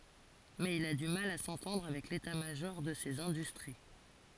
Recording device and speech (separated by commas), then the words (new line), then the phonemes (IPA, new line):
forehead accelerometer, read sentence
Mais il a du mal à s'entendre avec l'état-major de ces industries.
mɛz il a dy mal a sɑ̃tɑ̃dʁ avɛk leta maʒɔʁ də sez ɛ̃dystʁi